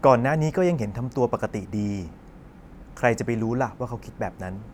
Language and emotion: Thai, neutral